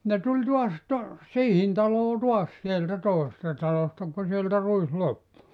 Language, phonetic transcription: Finnish, ne 'tuĺ tuas to- , "siihin 'taloo "tuas sieltä 'tòesesta 'talosta ku sieltä 'ruis 'loppu .
- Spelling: ne tuli taas - siihen taloon taas sieltä toisesta talosta kun sieltä ruis loppui

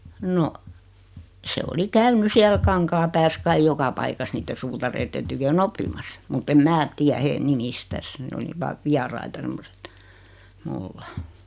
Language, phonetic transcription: Finnish, no , 'se oli 'käyny siäl 'Kaŋkaapääs kaij 'joka paikas 'niitte "suutareitten tykö"n ‿oppimassᴀ , mut't ‿em 'mää , 'tiä hee 'nimistäs ne oli 'vaav "viaraita 'semmoset , "mulla .
- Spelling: no se oli käynyt siellä Kankaanpäässä kai joka paikassa niiden suutareiden tykönä oppimassa mutta en minä tiedä heidän nimistään ne oli vain vieraita semmoiset minulla

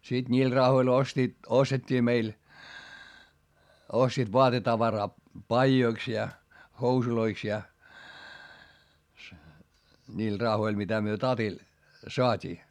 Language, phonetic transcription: Finnish, siD ńiil rahoil ostiit , ostet́t́ii meil , ostiit voatetavaraa , paijoiks ja , housuloiks ja , niil rahoil mitä myö tatil , soat́ii .
- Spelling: sitten niillä rahoilla ostivat ostettiin meille ostivat vaatetavaraa paidoiksi ja housuiksi ja niillä rahoilla mitä me tatilla saatiin

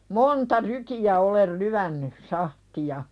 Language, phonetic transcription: Finnish, monta rykiʲä olel 'lyänny , 'sahti₍a .
- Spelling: monta rykiä olen lyönyt sahtia

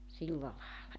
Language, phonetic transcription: Finnish, 'silla laela .
- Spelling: silla lailla

